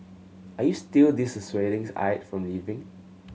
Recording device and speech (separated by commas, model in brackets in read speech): mobile phone (Samsung C7100), read sentence